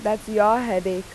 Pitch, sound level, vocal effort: 210 Hz, 89 dB SPL, normal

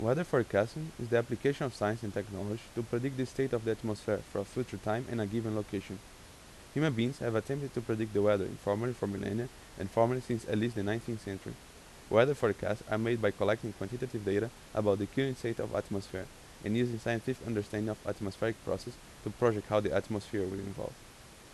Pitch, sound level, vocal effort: 110 Hz, 84 dB SPL, normal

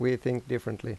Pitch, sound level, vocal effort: 125 Hz, 82 dB SPL, normal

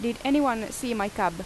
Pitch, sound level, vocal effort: 235 Hz, 86 dB SPL, loud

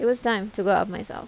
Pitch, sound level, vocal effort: 220 Hz, 83 dB SPL, normal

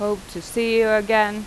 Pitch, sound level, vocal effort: 215 Hz, 89 dB SPL, normal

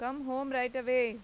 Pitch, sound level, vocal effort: 255 Hz, 95 dB SPL, loud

